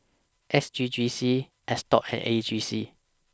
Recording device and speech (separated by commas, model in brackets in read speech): standing microphone (AKG C214), read sentence